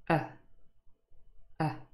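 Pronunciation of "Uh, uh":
Each 'uh' is the schwa, the central vowel sound, and each is very short.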